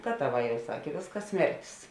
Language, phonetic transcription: Lithuanian, ˈgataˌvā ˈjau ˈsakė ˈvėsˌkas ˈsmertis

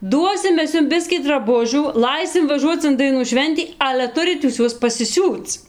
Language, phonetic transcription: Lithuanian, ˈduosim ˈmes ˈjum ˈbiskį draˈbužių ˈlaisim vaˈžuoc in daiˈnų ˈšventį ˈale ˈturit jūs ˈ juos pasiˈsiūc

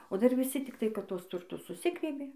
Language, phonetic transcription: Lithuanian, o dar viˈsi tikˈtai kad ˈtuos turˈtus suˈsigriebė

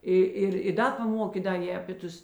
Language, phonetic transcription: Lithuanian, ˈi ˈir i ˈda paˈmokė ˈda ˈjė apė ˈtus

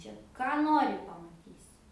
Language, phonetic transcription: Lithuanian, ˈčia ˈką ˈnori pamaˈtysi

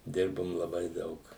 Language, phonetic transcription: Lithuanian, ˈdirbum laˈbai ˈdaug

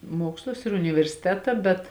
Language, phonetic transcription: Lithuanian, ˈmuokslus ir universiˈteta bet

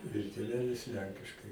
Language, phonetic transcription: Lithuanian, ir tėˈvelis ˈlenkiškai

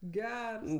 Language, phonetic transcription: Lithuanian, ˈgers

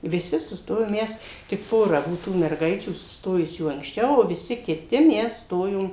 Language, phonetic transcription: Lithuanian, viˈsi suˈstojom ˈmes tik ˈpora ˈbuo tų merˈgaičių susˈtojusių anksˈčiau o viˈsi kiˈti ˈmes ˈstojom

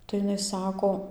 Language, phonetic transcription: Lithuanian, tai iˈnai ˈsako

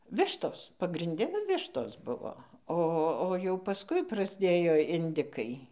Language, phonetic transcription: Lithuanian, ˈvištos pagrinˈde ˈvištos ˈbuvo ˈo o jau pasˈkui prasˈdėjo inˈdikai

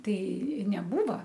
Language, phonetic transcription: Lithuanian, ˈtai neˈbūva

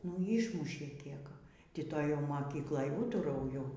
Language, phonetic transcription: Lithuanian, nu ˈyšmušė ˈkiek ˈti ˈtoj jau moˈkykloj ˈūtarauju

